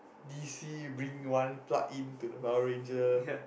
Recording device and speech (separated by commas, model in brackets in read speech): boundary microphone, conversation in the same room